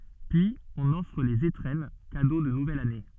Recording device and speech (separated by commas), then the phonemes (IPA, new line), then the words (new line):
soft in-ear microphone, read sentence
pyiz ɔ̃n ɔfʁ lez etʁɛn kado də nuvɛl ane
Puis, on offre les étrennes, cadeaux de nouvelle année.